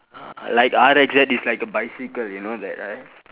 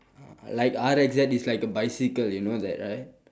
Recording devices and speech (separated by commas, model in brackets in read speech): telephone, standing microphone, conversation in separate rooms